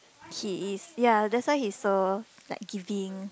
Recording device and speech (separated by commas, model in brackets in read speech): close-talking microphone, conversation in the same room